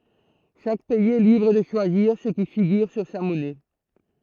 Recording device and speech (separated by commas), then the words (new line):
throat microphone, read sentence
Chaque pays est libre de choisir ce qui figure sur sa monnaie.